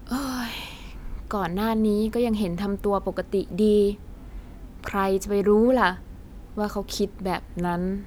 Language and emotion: Thai, frustrated